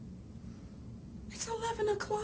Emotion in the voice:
fearful